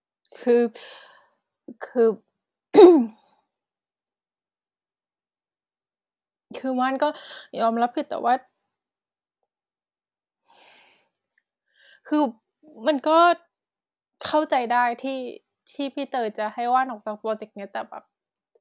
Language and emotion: Thai, sad